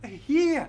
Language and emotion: Thai, angry